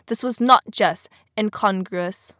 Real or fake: real